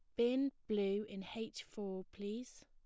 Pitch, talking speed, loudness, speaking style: 210 Hz, 145 wpm, -41 LUFS, plain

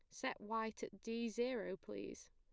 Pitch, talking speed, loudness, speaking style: 225 Hz, 170 wpm, -44 LUFS, plain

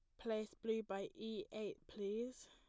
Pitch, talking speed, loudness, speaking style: 215 Hz, 155 wpm, -46 LUFS, plain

